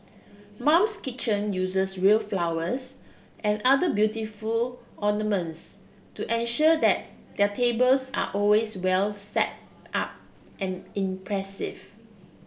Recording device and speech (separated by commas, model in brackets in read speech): boundary microphone (BM630), read sentence